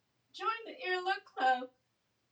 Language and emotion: English, sad